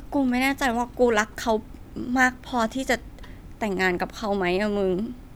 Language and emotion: Thai, frustrated